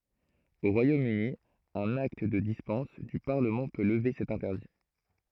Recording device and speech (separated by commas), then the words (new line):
throat microphone, read sentence
Au Royaume-Uni, un acte de dispense du Parlement peut lever cet interdit.